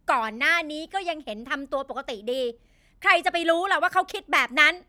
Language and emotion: Thai, angry